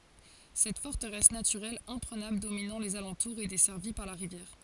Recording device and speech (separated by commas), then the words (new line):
forehead accelerometer, read sentence
Cette forteresse naturelle imprenable dominant les alentours et desservie par la rivière.